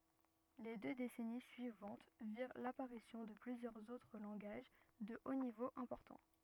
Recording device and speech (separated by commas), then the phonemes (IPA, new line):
rigid in-ear microphone, read sentence
le dø desɛni syivɑ̃t viʁ lapaʁisjɔ̃ də plyzjœʁz otʁ lɑ̃ɡaʒ də o nivo ɛ̃pɔʁtɑ̃